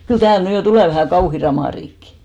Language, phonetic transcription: Finnish, 'kyl "tääl 'ny jo 'tulè vähä̀ "kauhi 'ramàriikki !
- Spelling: kyllä täällä nyt jo tulee vähän kauhea ramariikki

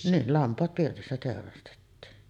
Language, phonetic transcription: Finnish, ni’ , 'lampaat 'pirtissä tèorastettiin .
- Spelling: niin lampaat pirtissä teurastettiin

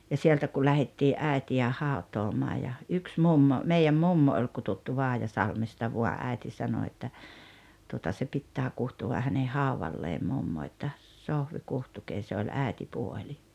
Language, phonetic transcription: Finnish, ja 'sieltä ku 'lähettii’ "’ä̀eti₍ä "haut̀oomaa ja , 'yks "mummo , mei₍äm "mummo oi 'kututtu 'Vaajasalmesta vua '’äi̬ti 'sano että , tuota 'se 'pittää 'kuhtuva häne "hauvalleem 'mummo että , » "Sohvi "kuhtukee « se oĺ "ä̀etipuoĺi .
- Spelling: ja sieltä kun lähdettiin äitiä hautaamaan ja yksi mummo meidän mummo oli kutsuttu Vaajasalmesta vain äiti sanoi että tuota se pitää kutsua hänen haudalleen mummo että Sohvi kutsukaa se oli äitipuoli

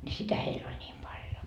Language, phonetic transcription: Finnish, ńi "sitä 'heil ‿oĺ ńiim 'paljo .
- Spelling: niin sitä heillä oli niin paljon

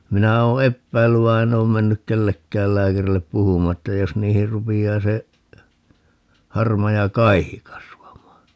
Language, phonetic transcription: Finnish, 'minä oo "eppäillyv vai̮ 'en ‿oom 'mennyk "kellekkääl 'lääkärillep 'puhum̀aa että 'jos niihir 'rupi₍aa se , 'harmaja "kaihi 'kasvam̀aa .
- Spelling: minä olen epäillyt vaan en ole mennyt kenellekään lääkärille puhumaan että jos niihin rupeaa se harmaa kaihi kasvamaan

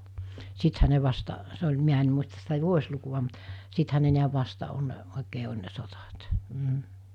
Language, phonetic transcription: Finnish, 'sithä ne vasta , 'se oĺ 'miä en̳ muistas sitä 'vuos̜lukuva mut , 'sithä ne niäv vasta on , 'òikee oĺ ne 'sot̳at , m̥ .
- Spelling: sittenhän ne vasta se oli minä en muista sitä vuosilukua mutta sittenhän ne näet vasta on oikein oli ne sodat mm

